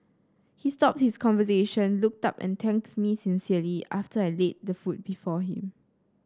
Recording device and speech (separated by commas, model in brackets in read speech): standing microphone (AKG C214), read sentence